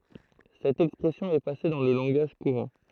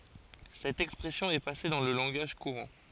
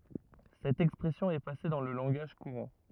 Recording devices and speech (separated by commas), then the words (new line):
throat microphone, forehead accelerometer, rigid in-ear microphone, read sentence
Cette expression est passée dans le langage courant.